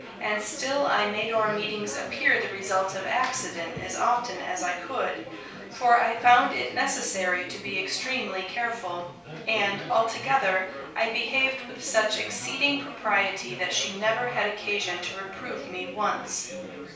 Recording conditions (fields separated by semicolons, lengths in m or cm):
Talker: one person; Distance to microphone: 3.0 m; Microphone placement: far; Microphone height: 1.8 m; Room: small (3.7 m by 2.7 m); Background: babble